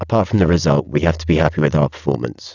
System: VC, spectral filtering